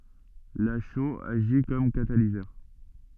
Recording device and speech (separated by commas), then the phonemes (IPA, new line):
soft in-ear microphone, read sentence
la ʃoz aʒi kɔm katalizœʁ